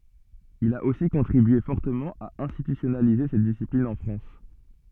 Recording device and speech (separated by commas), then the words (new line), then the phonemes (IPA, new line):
soft in-ear microphone, read sentence
Il a aussi contribué fortement à institutionnaliser cette discipline en France.
il a osi kɔ̃tʁibye fɔʁtəmɑ̃ a ɛ̃stitysjɔnalize sɛt disiplin ɑ̃ fʁɑ̃s